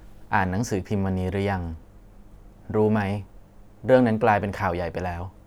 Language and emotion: Thai, neutral